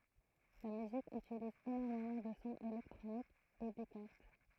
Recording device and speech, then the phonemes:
throat microphone, read sentence
la myzik ytiliz enɔʁmemɑ̃ də sɔ̃z elɛktʁonikz e de kɔʁd

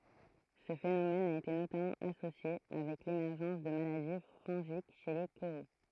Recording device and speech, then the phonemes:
throat microphone, read sentence
sə fenomɛn a ete notamɑ̃ asosje avɛk lemɛʁʒɑ̃s də maladi fɔ̃ʒik ʃe le koʁo

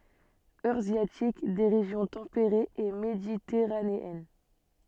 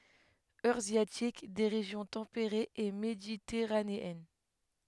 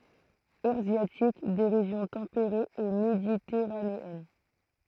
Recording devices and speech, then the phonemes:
soft in-ear microphone, headset microphone, throat microphone, read sentence
øʁazjatik de ʁeʒjɔ̃ tɑ̃peʁez e meditɛʁaneɛn

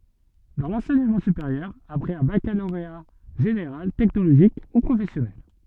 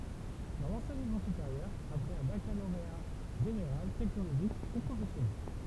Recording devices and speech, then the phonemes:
soft in-ear microphone, temple vibration pickup, read sentence
dɑ̃ lɑ̃sɛɲəmɑ̃ sypeʁjœʁ apʁɛz œ̃ bakaloʁea ʒeneʁal tɛknoloʒik u pʁofɛsjɔnɛl

